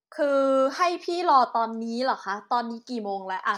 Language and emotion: Thai, frustrated